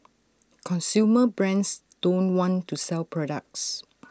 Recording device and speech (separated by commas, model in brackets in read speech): standing microphone (AKG C214), read sentence